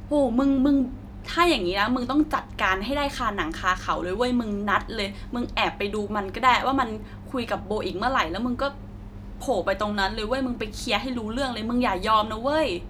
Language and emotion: Thai, frustrated